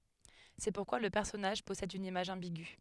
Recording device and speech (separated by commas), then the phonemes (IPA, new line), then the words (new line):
headset microphone, read sentence
sɛ puʁkwa lə pɛʁsɔnaʒ pɔsɛd yn imaʒ ɑ̃biɡy
C'est pourquoi le personnage possède une image ambiguë.